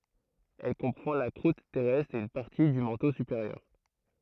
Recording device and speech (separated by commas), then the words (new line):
throat microphone, read sentence
Elle comprend la croûte terrestre et une partie du manteau supérieur.